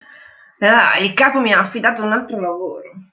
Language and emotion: Italian, disgusted